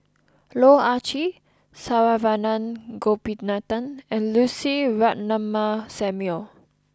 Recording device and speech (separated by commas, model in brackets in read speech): close-talking microphone (WH20), read sentence